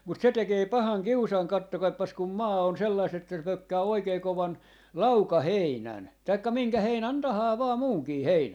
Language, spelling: Finnish, mutta se tekee pahan kiusan katsokaapas kun maa on sellaista että se pökkää oikein kovan laukaheinän tai minkä heinän tahansa vain muunkin heinän
- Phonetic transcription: mut se 'tekee "pahaŋ "kiusaŋ 'kattokaippas kum "maa on sellaist ‿että se 'pökkää 'oikei 'kovan , "lauka'heinän , taikka "minkä 'heinän 'tahaa vaa 'muuŋkii "heinän .

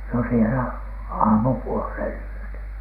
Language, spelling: Finnish, no siellä aamupuoleen yötä
- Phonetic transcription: no sielä , "aamupuolhèn yötä .

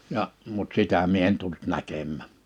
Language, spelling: Finnish, ja mutta sitä minä en tullut näkemään
- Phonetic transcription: ja’ , mut 'sitä mie en tult 'näkemmä̀ .

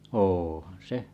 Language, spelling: Finnish, onhan se
- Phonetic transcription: ôhan 'se .

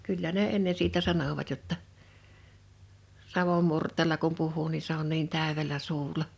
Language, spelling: Finnish, kyllä ne ennen siitä sanoivat jotta savon murteella kun puhuu niin se on niin täydellä suulla
- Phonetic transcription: 'kyllä ne 'enne 'siitä 'sanovat jotta , 'savom murt̆teela kum puh̀uu ni se ‿on niin 'tä̀övel̀ä 'suul̀a .

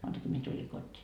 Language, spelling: Finnish, maanantaina minä tulin kotiin
- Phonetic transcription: 'moantaki mie tuĺi 'kot́t́ii .

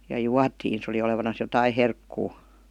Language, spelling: Finnish, ja juotiin se oli olevinaan jotakin herkkua
- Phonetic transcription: ja "juatiin , se oli olevanas 'jotai "herkkuu .

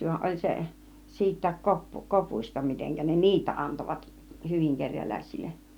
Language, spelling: Finnish, vaan oli se siitäkin - kopuista miten ne niitä antoivat hyvin kerjäläisille
- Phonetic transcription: van 'oĺ 'se , siit̆tääk 'kop- , 'kopuĭsta miteŋkä ne "niitä 'antovat , "hyviŋ 'keŕjälä̀isilleˀ .

